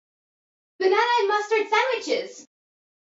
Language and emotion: English, surprised